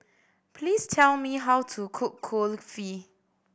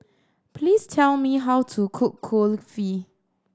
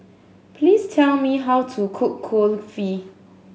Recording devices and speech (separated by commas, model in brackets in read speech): boundary microphone (BM630), standing microphone (AKG C214), mobile phone (Samsung S8), read sentence